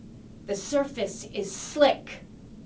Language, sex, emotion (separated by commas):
English, female, angry